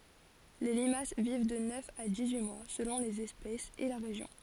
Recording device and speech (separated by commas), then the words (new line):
forehead accelerometer, read sentence
Les limaces vivent de neuf à dix-huit mois selon les espèces et la région.